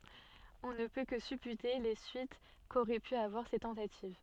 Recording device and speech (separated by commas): soft in-ear microphone, read sentence